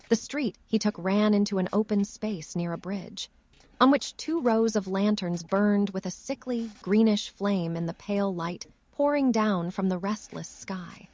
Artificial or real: artificial